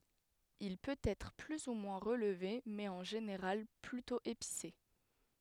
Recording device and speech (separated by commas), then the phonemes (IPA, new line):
headset microphone, read sentence
il pøt ɛtʁ ply u mwɛ̃ ʁəlve mɛz ɑ̃ ʒeneʁal plytɔ̃ epise